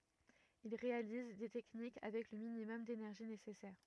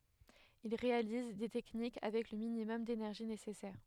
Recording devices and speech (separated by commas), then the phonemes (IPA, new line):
rigid in-ear microphone, headset microphone, read sentence
il ʁealiz de tɛknik avɛk lə minimɔm denɛʁʒi nesɛsɛʁ